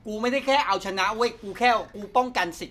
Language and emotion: Thai, frustrated